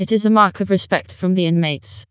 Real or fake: fake